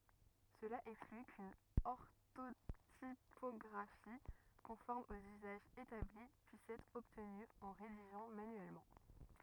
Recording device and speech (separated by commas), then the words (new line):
rigid in-ear microphone, read sentence
Cela exclut qu’une orthotypographie conforme aux usages établis puisse être obtenue en rédigeant manuellement.